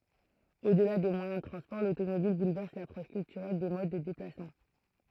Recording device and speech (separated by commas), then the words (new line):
throat microphone, read sentence
Au-delà des moyens de transports, l'automobile bouleverse l'approche culturelle des modes de déplacements.